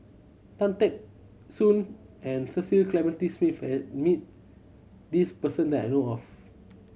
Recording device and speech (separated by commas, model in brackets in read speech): mobile phone (Samsung C7100), read sentence